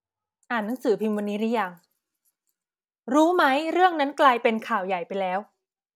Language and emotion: Thai, angry